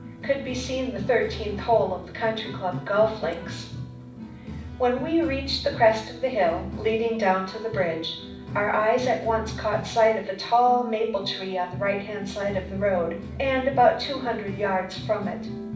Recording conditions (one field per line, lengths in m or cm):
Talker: one person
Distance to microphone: 5.8 m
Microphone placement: far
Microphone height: 1.8 m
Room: medium-sized (5.7 m by 4.0 m)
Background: music